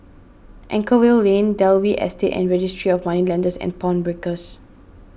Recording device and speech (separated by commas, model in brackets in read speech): boundary microphone (BM630), read sentence